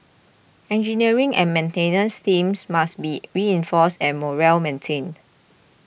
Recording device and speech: boundary microphone (BM630), read sentence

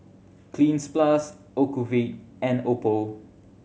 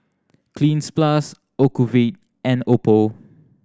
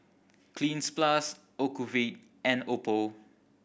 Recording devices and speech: mobile phone (Samsung C7100), standing microphone (AKG C214), boundary microphone (BM630), read sentence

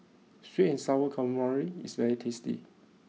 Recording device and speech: mobile phone (iPhone 6), read sentence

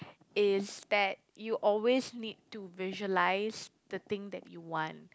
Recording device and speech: close-talking microphone, conversation in the same room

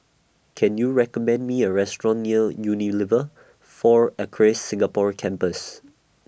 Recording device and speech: boundary microphone (BM630), read sentence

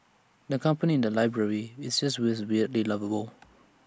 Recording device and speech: standing microphone (AKG C214), read sentence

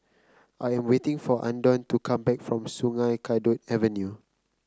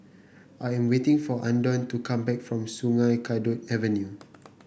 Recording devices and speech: close-talking microphone (WH30), boundary microphone (BM630), read sentence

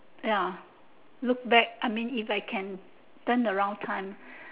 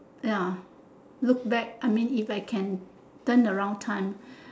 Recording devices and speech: telephone, standing microphone, conversation in separate rooms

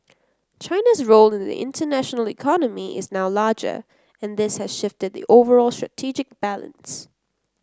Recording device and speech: close-talking microphone (WH30), read sentence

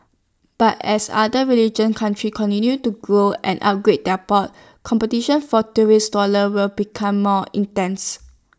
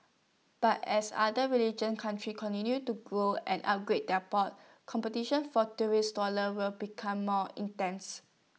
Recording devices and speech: standing microphone (AKG C214), mobile phone (iPhone 6), read sentence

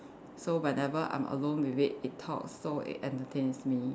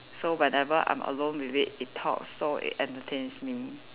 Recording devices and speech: standing microphone, telephone, conversation in separate rooms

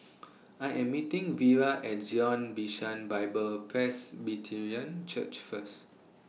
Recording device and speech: mobile phone (iPhone 6), read sentence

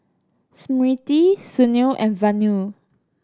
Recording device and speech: standing microphone (AKG C214), read sentence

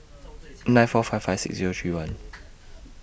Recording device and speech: boundary microphone (BM630), read sentence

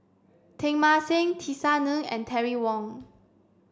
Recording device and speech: standing microphone (AKG C214), read sentence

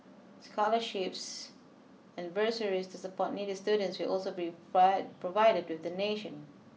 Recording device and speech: mobile phone (iPhone 6), read sentence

